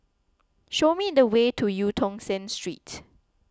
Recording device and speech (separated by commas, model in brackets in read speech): close-talking microphone (WH20), read sentence